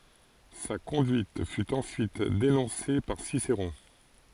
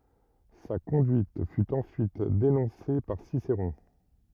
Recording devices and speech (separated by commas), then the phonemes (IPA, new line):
forehead accelerometer, rigid in-ear microphone, read sentence
sa kɔ̃dyit fy ɑ̃syit denɔ̃se paʁ siseʁɔ̃